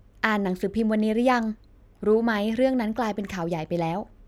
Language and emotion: Thai, neutral